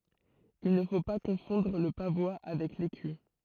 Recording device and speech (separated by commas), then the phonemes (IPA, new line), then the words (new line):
throat microphone, read sentence
il nə fo pa kɔ̃fɔ̃dʁ lə pavwa avɛk leky
Il ne faut pas confondre le pavois avec l'écu.